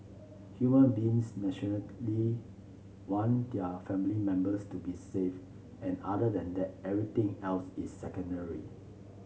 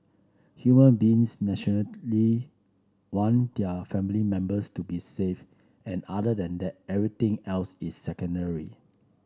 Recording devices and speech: mobile phone (Samsung C7), standing microphone (AKG C214), read sentence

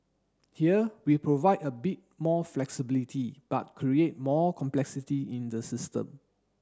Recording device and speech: standing microphone (AKG C214), read sentence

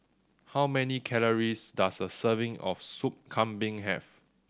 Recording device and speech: standing microphone (AKG C214), read sentence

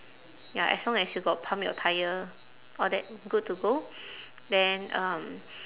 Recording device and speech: telephone, conversation in separate rooms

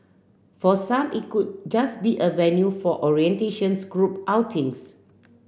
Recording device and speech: boundary microphone (BM630), read sentence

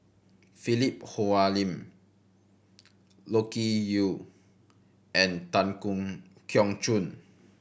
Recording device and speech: boundary microphone (BM630), read sentence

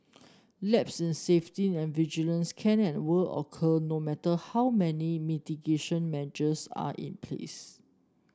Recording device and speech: standing microphone (AKG C214), read sentence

